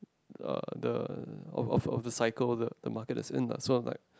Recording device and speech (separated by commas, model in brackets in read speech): close-talking microphone, conversation in the same room